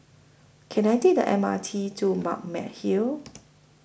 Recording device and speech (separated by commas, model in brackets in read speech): boundary microphone (BM630), read sentence